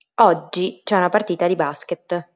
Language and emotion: Italian, neutral